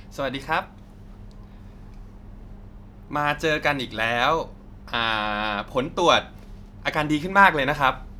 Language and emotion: Thai, happy